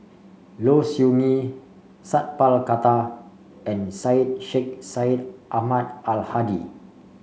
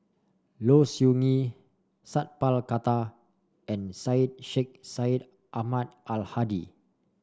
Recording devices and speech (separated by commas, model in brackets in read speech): mobile phone (Samsung C5), standing microphone (AKG C214), read sentence